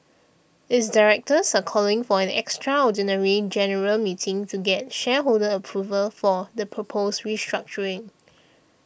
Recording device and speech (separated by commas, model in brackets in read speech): boundary microphone (BM630), read sentence